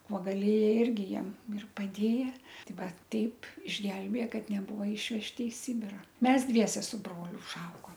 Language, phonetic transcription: Lithuanian, ˈkuo gaˈlėja ˈirgi ˈjiem ir paˈdėja ˈti ˈva ˈteip išˈgelbėja ˈkad neˈbūva ˈišvežti i ˈsibira ˈmes ˈdviese su ˈbroliu užˈaugom

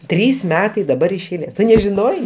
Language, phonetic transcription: Lithuanian, ˈtrys ˈmetai daˈbar iš eiˈlės ˈtu nežiˈnojai

